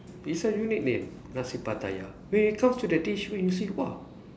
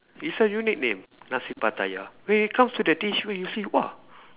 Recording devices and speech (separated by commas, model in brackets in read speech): standing microphone, telephone, conversation in separate rooms